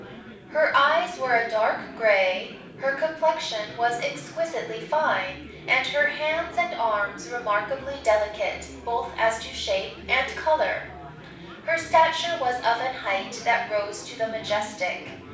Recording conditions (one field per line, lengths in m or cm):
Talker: one person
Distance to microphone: 5.8 m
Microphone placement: far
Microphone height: 1.8 m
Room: medium-sized (5.7 m by 4.0 m)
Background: babble